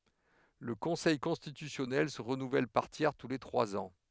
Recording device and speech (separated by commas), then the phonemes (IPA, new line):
headset microphone, read sentence
lə kɔ̃sɛj kɔ̃stitysjɔnɛl sə ʁənuvɛl paʁ tjɛʁ tu le tʁwaz ɑ̃